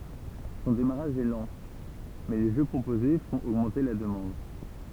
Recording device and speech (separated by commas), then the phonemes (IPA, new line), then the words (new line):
temple vibration pickup, read sentence
sɔ̃ demaʁaʒ ɛ lɑ̃ mɛ le ʒø pʁopoze fɔ̃t oɡmɑ̃te la dəmɑ̃d
Son démarrage est lent, mais les jeux proposés font augmenter la demande.